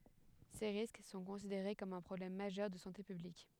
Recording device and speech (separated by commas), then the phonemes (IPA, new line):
headset microphone, read sentence
se ʁisk sɔ̃ kɔ̃sideʁe kɔm œ̃ pʁɔblɛm maʒœʁ də sɑ̃te pyblik